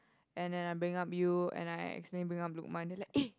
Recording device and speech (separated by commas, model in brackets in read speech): close-talking microphone, conversation in the same room